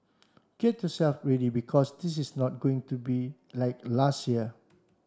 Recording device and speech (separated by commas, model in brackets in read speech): standing microphone (AKG C214), read sentence